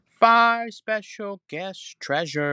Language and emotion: English, angry